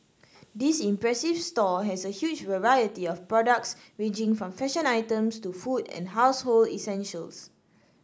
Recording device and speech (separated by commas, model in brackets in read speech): standing microphone (AKG C214), read sentence